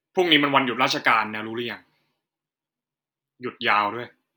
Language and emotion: Thai, neutral